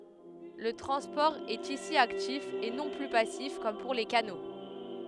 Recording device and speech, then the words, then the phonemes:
headset microphone, read sentence
Le transport est ici actif et non plus passif comme pour les canaux.
lə tʁɑ̃spɔʁ ɛt isi aktif e nɔ̃ ply pasif kɔm puʁ le kano

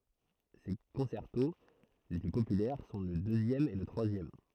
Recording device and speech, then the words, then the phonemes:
throat microphone, read sentence
Ses concertos les plus populaires sont le deuxième et le troisième.
se kɔ̃sɛʁto le ply popylɛʁ sɔ̃ lə døzjɛm e lə tʁwazjɛm

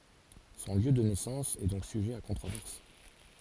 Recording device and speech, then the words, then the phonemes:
forehead accelerometer, read sentence
Son lieu de naissance est donc sujet à controverse.
sɔ̃ ljø də nɛsɑ̃s ɛ dɔ̃k syʒɛ a kɔ̃tʁovɛʁs

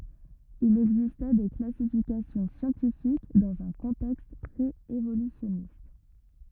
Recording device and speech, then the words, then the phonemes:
rigid in-ear microphone, read sentence
Il existait des classifications scientifiques dans un contexte pré-évolutionniste.
il ɛɡzistɛ de klasifikasjɔ̃ sjɑ̃tifik dɑ̃z œ̃ kɔ̃tɛkst pʁeevolysjɔnist

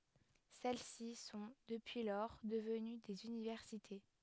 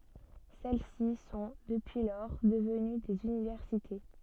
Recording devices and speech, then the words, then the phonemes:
headset microphone, soft in-ear microphone, read sentence
Celles-ci sont, depuis lors, devenues des universités.
sɛl si sɔ̃ dəpyi lɔʁ dəvəny dez ynivɛʁsite

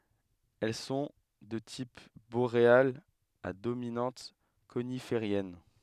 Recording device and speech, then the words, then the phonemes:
headset microphone, read sentence
Elles sont de type boréales à dominante coniférienne.
ɛl sɔ̃ də tip boʁealz a dominɑ̃t konifeʁjɛn

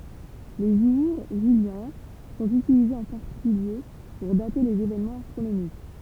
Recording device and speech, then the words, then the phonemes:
temple vibration pickup, read sentence
Les jours juliens sont utilisés en particulier pour dater les événements astronomiques.
le ʒuʁ ʒyljɛ̃ sɔ̃t ytilizez ɑ̃ paʁtikylje puʁ date lez evenmɑ̃z astʁonomik

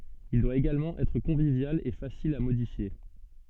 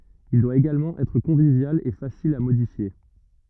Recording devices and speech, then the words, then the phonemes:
soft in-ear microphone, rigid in-ear microphone, read sentence
Il doit également être convivial et facile à modifier.
il dwa eɡalmɑ̃ ɛtʁ kɔ̃vivjal e fasil a modifje

